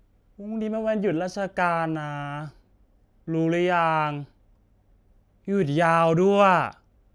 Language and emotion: Thai, frustrated